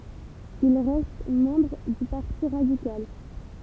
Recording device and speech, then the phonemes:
temple vibration pickup, read sentence
il ʁɛst mɑ̃bʁ dy paʁti ʁadikal

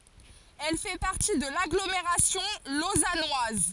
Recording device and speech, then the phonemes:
forehead accelerometer, read sentence
ɛl fɛ paʁti də laɡlomeʁasjɔ̃ lozanwaz

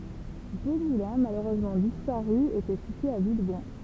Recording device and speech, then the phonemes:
temple vibration pickup, read sentence
dø mulɛ̃ maløʁøzmɑ̃ dispaʁy etɛ sityez a vilbɔ̃

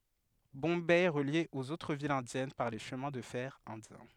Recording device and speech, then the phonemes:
headset microphone, read sentence
bɔ̃bɛ ɛ ʁəlje oz otʁ vilz ɛ̃djɛn paʁ le ʃəmɛ̃ də fɛʁ ɛ̃djɛ̃

